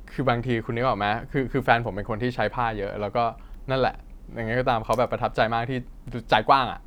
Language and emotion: Thai, frustrated